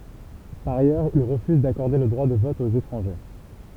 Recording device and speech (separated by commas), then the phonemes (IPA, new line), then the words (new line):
temple vibration pickup, read sentence
paʁ ajœʁz il ʁəfyz dakɔʁde lə dʁwa də vɔt oz etʁɑ̃ʒe
Par ailleurs, il refuse d'accorder le droit de vote aux étrangers.